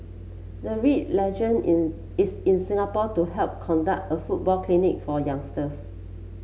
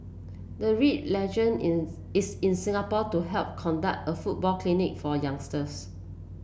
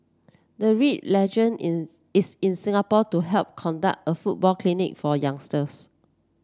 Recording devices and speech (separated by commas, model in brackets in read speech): mobile phone (Samsung C7), boundary microphone (BM630), standing microphone (AKG C214), read sentence